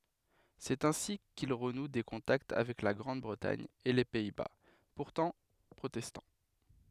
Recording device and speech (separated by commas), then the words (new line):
headset microphone, read sentence
C'est ainsi qu'il renoue des contacts avec la Grande-Bretagne et les Pays-Bas, pourtant protestants.